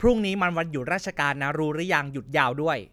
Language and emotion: Thai, angry